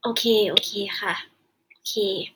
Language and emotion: Thai, frustrated